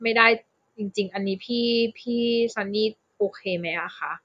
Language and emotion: Thai, frustrated